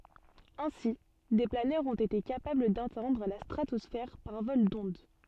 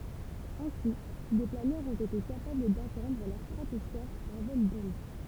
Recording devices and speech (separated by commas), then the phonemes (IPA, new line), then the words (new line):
soft in-ear microphone, temple vibration pickup, read sentence
ɛ̃si de planœʁz ɔ̃t ete kapabl datɛ̃dʁ la stʁatɔsfɛʁ paʁ vɔl dɔ̃d
Ainsi, des planeurs ont été capables d'atteindre la stratosphère par vol d'onde.